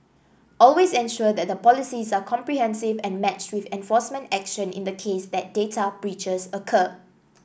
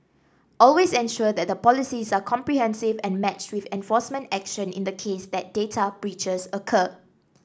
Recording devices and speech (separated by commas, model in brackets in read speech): boundary microphone (BM630), standing microphone (AKG C214), read sentence